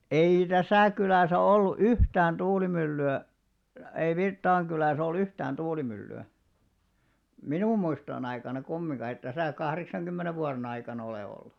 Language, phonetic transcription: Finnish, 'ei "täsä̀ kylä̀sä 'ollu "yhtään 'tuulimylly₍ä , ei 'Virttaaŋ kylä̀s ‿o"l ‿yhtään 'tuuiimylly₍ä , "minum muistoo'n ‿aikana 'kummiŋɢa eit täsä̀ 'kahreksaŋkummene vuare'n ‿aikanᵃ olè ollu .
- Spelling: ei tässä kylässä ollut yhtään tuulimyllyä ei Virttaan kylässä ole yhtään tuulimyllyä minun muistojeni aikana kumminkaan ei tässä kahdeksankymmenen vuoden aikana ole ollut

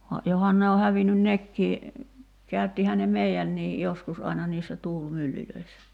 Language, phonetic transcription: Finnish, va , 'johan ne o 'hävinyn "nekkii , 'käyttihä ne "mei₍änniij , 'joskus aina niissä 'tuul"myllylöissä .
- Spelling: vaan johan ne on hävinnyt nekin käyttihän ne meidänkin joskus aina niissä tuulimyllyissä

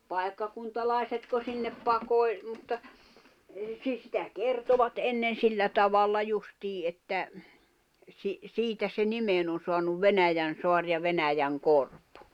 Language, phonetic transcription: Finnish, 'paekkakuntalài̬setko sinnep 'pakoi̬l , mutta , 'si- sitä "kertovat ennen 'sillä tavalla 'justii että , si- , "siitä se 'nimen ‿on̬ soanuv "Venäjän̬soar ja 'Venäjäŋ'korp .
- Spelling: paikkakuntalaisetko sinne pakoili mutta - sitä kertoivat ennen sillä tavalla justiin että - siitä se nimen on saanut Venäjänsaari ja Venäjänkorpi

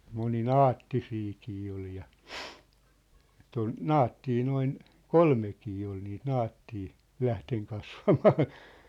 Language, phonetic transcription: Finnish, 'moni"naattisiikii ol ja , et ‿on , "naattii 'noin , "kolmekii ol niit "naattii , "lähteŋ 'kasvamaan̬ .
- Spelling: moninaattisiakin oli ja että on naatteja noin kolmekin oli niitä naatteja lähtenyt kasvamaan

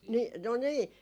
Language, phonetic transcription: Finnish, "nii no 'nii .
- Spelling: niin no niin

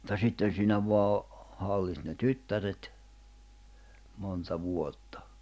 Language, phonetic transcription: Finnish, ᵐᵘᵗta 'sitten̬ siinä voa o- , 'halliht ne "tyttäret , monta 'vuottᴀ .
- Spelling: mutta sitten siinä vain - hallitsi ne tyttäret monta vuotta

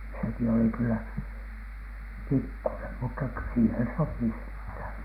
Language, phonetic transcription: Finnish, seki oli kyllä , "pikkunem mutta ky- , siihen 'sopi senthä̀n .
- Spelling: sekin oli kyllä pikkunen mutta - siihen sopi sentään

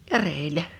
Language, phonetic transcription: Finnish, ja 'rèil̆ä .
- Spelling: ja reellä

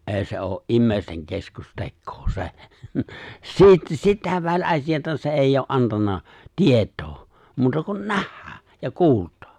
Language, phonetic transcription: Finnish, '’è̬i̬ se oo’ '’immèisteŋ 'keskus'tekkoo 'se̬ , 'siit- , 'sitä 'väĺ'’asijata se 'èijj ‿oo , '’antanna , 'tiet̀oo , muuta kun "nähhᴀ̈ᴀ̈ , ja "kuultᴀᴀ .
- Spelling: ei se ole ihmisten keskustekoa se - sitä väliasiaa se ei ole antanut tietoa muuta kuin nähdä ja kuulla

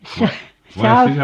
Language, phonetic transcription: Finnish, 'sa- , 'sau - ,.
- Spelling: - -

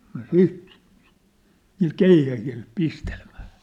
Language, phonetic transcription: Finnish, nŏ "siit , niil "keihähil , "pistelĕᴍᴀ̈ᴀ̈ .
- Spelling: no sitten niillä keihäillä pistelemään

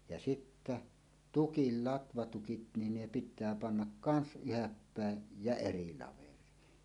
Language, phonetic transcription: Finnish, ja sittä "tukil 'latvatukit nin ne pit̀ää pannak "kans "yhäppä̀ej jä "eri 'laver̀iin .
- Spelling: ja sitten tukit latvatukit niin ne pitää panna kanssa ylhäälle päin ja eri laveriin

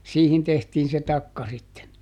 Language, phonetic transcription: Finnish, "siihin ˈtehtiin̬ se "takka sitten .
- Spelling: siihen tehtiin se takka sitten

